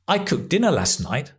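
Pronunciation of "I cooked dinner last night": In 'cooked dinner', the t sound between the k and the d is dropped, so 'cooked' sounds like the present tense 'cook'.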